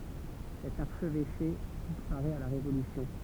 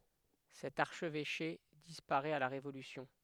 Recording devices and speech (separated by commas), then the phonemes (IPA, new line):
temple vibration pickup, headset microphone, read sentence
sɛt aʁʃvɛʃe dispaʁɛt a la ʁevolysjɔ̃